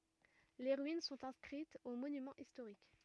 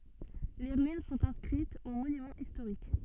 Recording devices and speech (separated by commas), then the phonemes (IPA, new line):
rigid in-ear microphone, soft in-ear microphone, read sentence
le ʁyin sɔ̃t ɛ̃skʁitz o monymɑ̃z istoʁik